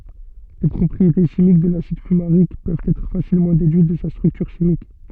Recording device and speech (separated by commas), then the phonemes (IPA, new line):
soft in-ear microphone, read sentence
le pʁɔpʁiete ʃimik də lasid fymaʁik pøvt ɛtʁ fasilmɑ̃ dedyit də sa stʁyktyʁ ʃimik